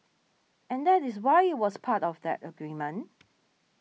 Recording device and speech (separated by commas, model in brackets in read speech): mobile phone (iPhone 6), read sentence